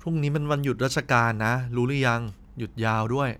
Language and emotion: Thai, neutral